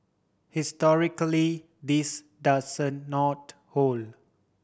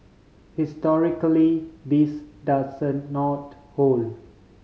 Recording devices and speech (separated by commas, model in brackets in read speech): boundary microphone (BM630), mobile phone (Samsung C5010), read sentence